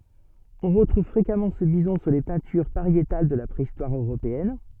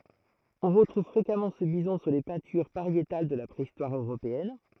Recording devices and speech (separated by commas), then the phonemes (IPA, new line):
soft in-ear microphone, throat microphone, read sentence
ɔ̃ ʁətʁuv fʁekamɑ̃ sə bizɔ̃ syʁ le pɛ̃tyʁ paʁjetal də la pʁeistwaʁ øʁopeɛn